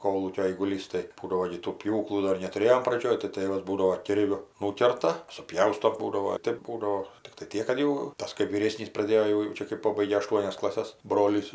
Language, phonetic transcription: Lithuanian, ˈkolūkio aiguˈlys tai ˈbūdavo gi tų ˈpjūklų ˈdor netuˈrėjom praˈdžioj tai ˈtɘvas ˈbūdavo ˈkirviu ˈnūkerta suˈpjausto ˈbūdavo ˈtėp ˈbūdavo tikˈtai ˈtiek kad ˈjau ˈtas kɜp vyˈrėsnys praˈdėjo jau jau ˈčia kɜp ˈpobaigė aˈštuonias klaˈses ˈbrolys

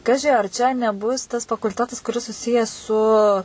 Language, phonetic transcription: Lithuanian, ˈkaži ar čia neˈbus tas fakulˈtetas kuˈris suˈsijes su

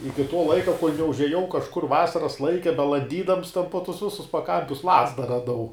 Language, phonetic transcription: Lithuanian, ˈiki to ˈlaika kol' neužeˈjau kažˈkur ˈvasaras ˈlaike belanˈdydams ˈten po ˈtus ˈvisus paˈkampius ˈlazda raˈdau

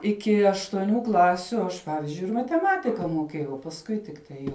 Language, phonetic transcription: Lithuanian, ˈiki aštuoˈnių ˈklasiu ˈaš ˈpavizdžiui ir mateˈmatika muoˈkiejau o pasˈkui tikˈtai jau

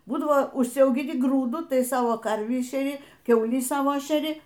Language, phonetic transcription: Lithuanian, ˈbūdavo užsiaugiˈni ˈgrūdu ˈtai ˈsavo karvį šeˈri ˈkiaulį ˈsavo šeˈri

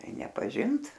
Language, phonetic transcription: Lithuanian, ˈtai nepaˈžint

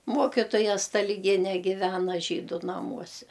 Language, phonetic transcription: Lithuanian, ˈmuokitoja staliˈgiene ˈgivena ˈžydu naˈmuose

